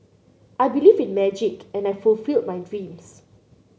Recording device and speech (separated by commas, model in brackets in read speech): mobile phone (Samsung C9), read sentence